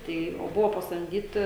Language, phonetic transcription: Lithuanian, ˈtai o ˈbuvo pasamˈdyti

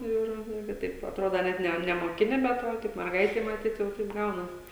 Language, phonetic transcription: Lithuanian, ˈir ˈirgi ˈtaip atˈrodo ˈnet ne nemoˈkini bet ˈva teip merˈgaitei maˈtyt ˈjau taip ˈgaunas

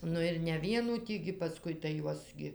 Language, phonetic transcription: Lithuanian, ˈnu ir ne ˈvienų ˈtį gi paˈskui tai ˈjuos gi

